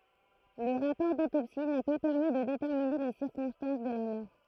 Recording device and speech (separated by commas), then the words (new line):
throat microphone, read sentence
Le rapport d'autopsie n'a pas permis de déterminer les circonstances de la mort.